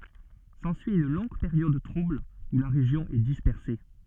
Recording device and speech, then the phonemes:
soft in-ear microphone, read sentence
sɑ̃syi yn lɔ̃ɡ peʁjɔd tʁubl u la ʁeʒjɔ̃ ɛ dispɛʁse

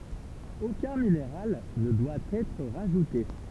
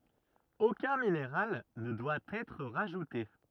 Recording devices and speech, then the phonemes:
temple vibration pickup, rigid in-ear microphone, read sentence
okœ̃ mineʁal nə dwa ɛtʁ ʁaʒute

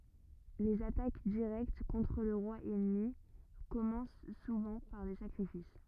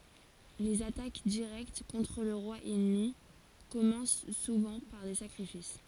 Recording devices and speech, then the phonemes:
rigid in-ear microphone, forehead accelerometer, read sentence
lez atak diʁɛkt kɔ̃tʁ lə ʁwa ɛnmi kɔmɑ̃s suvɑ̃ paʁ de sakʁifis

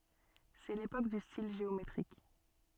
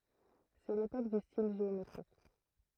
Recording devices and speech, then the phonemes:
soft in-ear microphone, throat microphone, read sentence
sɛ lepok dy stil ʒeometʁik

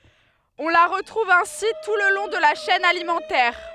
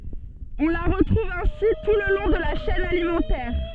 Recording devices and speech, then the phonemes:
headset microphone, soft in-ear microphone, read sentence
ɔ̃ la ʁətʁuv ɛ̃si tu lə lɔ̃ də la ʃɛn alimɑ̃tɛʁ

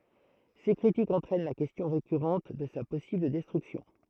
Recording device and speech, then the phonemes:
throat microphone, read sentence
se kʁitikz ɑ̃tʁɛn la kɛstjɔ̃ ʁekyʁɑ̃t də sa pɔsibl dɛstʁyksjɔ̃

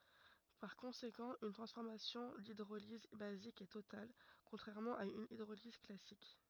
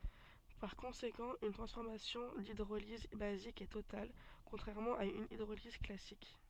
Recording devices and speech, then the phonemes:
rigid in-ear microphone, soft in-ear microphone, read sentence
paʁ kɔ̃sekɑ̃ yn tʁɑ̃sfɔʁmasjɔ̃ didʁoliz bazik ɛ total kɔ̃tʁɛʁmɑ̃ a yn idʁoliz klasik

